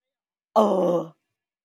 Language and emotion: Thai, frustrated